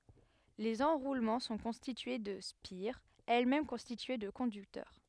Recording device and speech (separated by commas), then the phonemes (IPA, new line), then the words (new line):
headset microphone, read sentence
lez ɑ̃ʁulmɑ̃ sɔ̃ kɔ̃stitye də spiʁz ɛlɛsmɛm kɔ̃stitye də kɔ̃dyktœʁ
Les enroulements sont constitués de spires, elles-mêmes constituées de conducteurs.